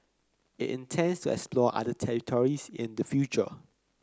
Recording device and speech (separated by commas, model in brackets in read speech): close-talking microphone (WH30), read sentence